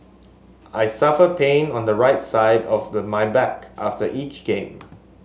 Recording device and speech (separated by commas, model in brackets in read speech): mobile phone (Samsung S8), read sentence